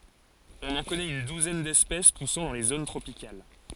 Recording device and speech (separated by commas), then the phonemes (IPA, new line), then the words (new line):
forehead accelerometer, read sentence
ɔ̃n ɑ̃ kɔnɛt yn duzɛn dɛspɛs pusɑ̃ dɑ̃ le zon tʁopikal
On en connaît une douzaine d'espèces poussant dans les zones tropicales.